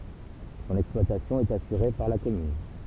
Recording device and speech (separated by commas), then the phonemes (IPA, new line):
temple vibration pickup, read sentence
sɔ̃n ɛksplwatasjɔ̃ ɛt asyʁe paʁ la kɔmyn